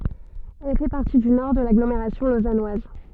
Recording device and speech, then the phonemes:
soft in-ear microphone, read sentence
ɛl fɛ paʁti dy nɔʁ də laɡlomeʁasjɔ̃ lozanwaz

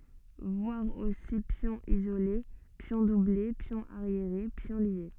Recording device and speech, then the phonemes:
soft in-ear microphone, read sentence
vwaʁ osi pjɔ̃ izole pjɔ̃ duble pjɔ̃ aʁjeʁe pjɔ̃ lje

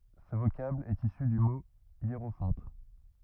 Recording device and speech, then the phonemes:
rigid in-ear microphone, read sentence
sə vokabl ɛt isy dy mo jeʁofɑ̃t

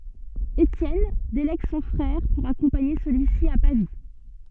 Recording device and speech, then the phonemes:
soft in-ear microphone, read sentence
etjɛn delɛɡ sɔ̃ fʁɛʁ puʁ akɔ̃paɲe səlyi si a pavi

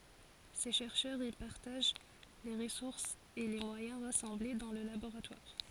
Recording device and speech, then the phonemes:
forehead accelerometer, read sentence
se ʃɛʁʃœʁz i paʁtaʒ le ʁəsuʁsz e le mwajɛ̃ ʁasɑ̃ble dɑ̃ lə laboʁatwaʁ

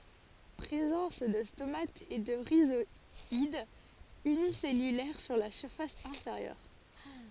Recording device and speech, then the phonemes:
forehead accelerometer, read sentence
pʁezɑ̃s də stomatz e də ʁizwadz ynisɛlylɛʁ syʁ la fas ɛ̃feʁjœʁ

